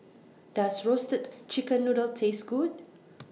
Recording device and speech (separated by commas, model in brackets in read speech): mobile phone (iPhone 6), read sentence